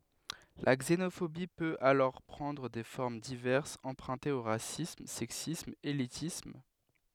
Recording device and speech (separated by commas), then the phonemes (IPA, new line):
headset microphone, read sentence
la ɡzenofobi pøt alɔʁ pʁɑ̃dʁ de fɔʁm divɛʁsz ɑ̃pʁœ̃tez o ʁasism sɛksism elitism